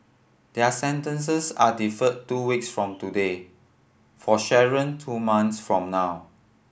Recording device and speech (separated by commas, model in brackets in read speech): boundary microphone (BM630), read sentence